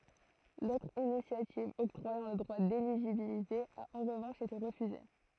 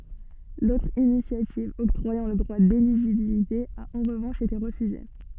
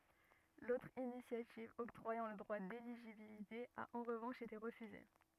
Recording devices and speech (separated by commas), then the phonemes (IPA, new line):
throat microphone, soft in-ear microphone, rigid in-ear microphone, read sentence
lotʁ inisjativ ɔktʁwajɑ̃ lə dʁwa deliʒibilite a ɑ̃ ʁəvɑ̃ʃ ete ʁəfyze